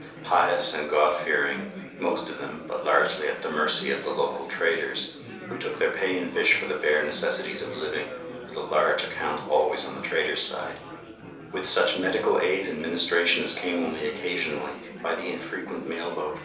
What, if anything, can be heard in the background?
Crowd babble.